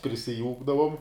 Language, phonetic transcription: Lithuanian, prisiˈjūkdavum

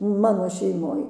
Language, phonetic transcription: Lithuanian, ˈmano šeiˈmoj

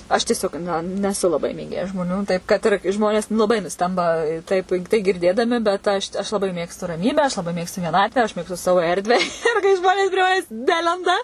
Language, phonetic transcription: Lithuanian, aš tieˈsiog ˈna neˈsu laˈbai mėˈgėja žmoˈnių ˈtaip kad ir ˈžmonės laˈbai nuˈstemba ˈtaip tai girˈdėdami bet ˈaš aš laˈbai ˈmėgstu raˈmybę aš laˈbai ˈmėgstu vieˈnatvę aš ˈmėgstu ˈsavo ˈerdvę ir kai ˈžmonės prie ˈmanes ˈnelenda

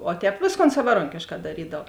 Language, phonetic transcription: Lithuanian, o ˈtēp ˈvėsˌkon savaˈronkėškā daˈrydav

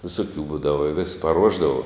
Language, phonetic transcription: Lithuanian, viˈsokių ˈbūdava i vis paˈruošdava

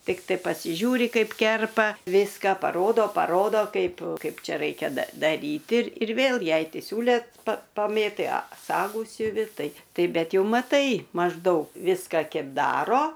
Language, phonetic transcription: Lithuanian, ˈtiktai pasiˈžiūri ˈkaip ˈkerpa ˈviska paˈrodo paˈrodo ˈkaip ˈkaip ˈčia ˈraikia da daˈryti ir ir ˈvėl ˈjai ti ˈsiūle pa paˈmėtai a ˈsagų siuˈvi ˈtai ˈtai ˈbet ˈjau maˈtai mažˈdaug ˈviska ˈkep ˈdaro

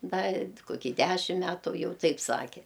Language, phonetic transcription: Lithuanian, ˈda i koˈkį ˈdæšim ˈmætu ˈjau ˈtaip ˈsake

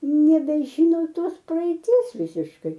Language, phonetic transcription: Lithuanian, nebeˈžino ˈtos praeiˈties ˈvisiškai

